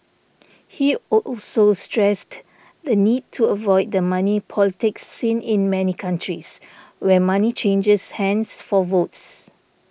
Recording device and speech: boundary microphone (BM630), read sentence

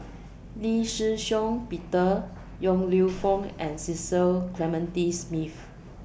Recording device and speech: boundary microphone (BM630), read sentence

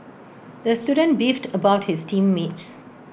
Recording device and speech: boundary microphone (BM630), read sentence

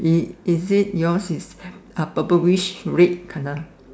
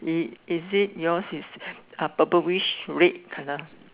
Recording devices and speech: standing microphone, telephone, conversation in separate rooms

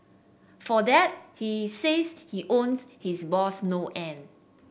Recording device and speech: boundary microphone (BM630), read sentence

